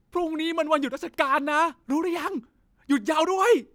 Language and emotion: Thai, happy